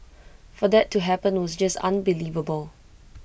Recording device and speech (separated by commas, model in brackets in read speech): boundary microphone (BM630), read sentence